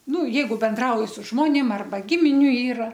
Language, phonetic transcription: Lithuanian, ˈnu ˈjeigu benˈdrauji su ˈžmonėm ˈarba ˈgiminiu ˈyra

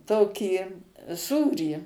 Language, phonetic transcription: Lithuanian, ˈtokį ˈsūrį

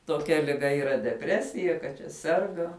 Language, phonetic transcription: Lithuanian, toˈkia liˈga yˈra deˈpresija kad čia ˈserga

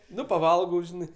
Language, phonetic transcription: Lithuanian, ˈnu paˈvalgau ˈžinai

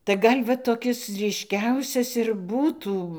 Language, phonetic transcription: Lithuanian, tai ˈgal' va toˈkis ˈryškiausias ir ˈbūtų

